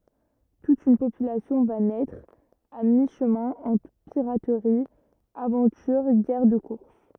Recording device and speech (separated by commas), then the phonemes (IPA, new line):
rigid in-ear microphone, read sentence
tut yn popylasjɔ̃ va nɛtʁ a mi ʃəmɛ̃ ɑ̃tʁ piʁatʁi avɑ̃tyʁ ɡɛʁ də kuʁs